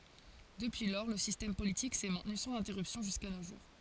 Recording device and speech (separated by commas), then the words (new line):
forehead accelerometer, read sentence
Depuis lors, le système politique s'est maintenu sans interruption jusqu'à nos jours.